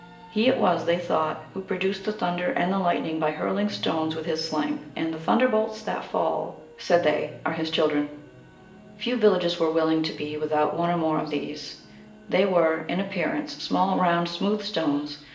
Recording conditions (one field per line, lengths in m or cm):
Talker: one person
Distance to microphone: 1.8 m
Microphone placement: close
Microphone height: 1.0 m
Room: large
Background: television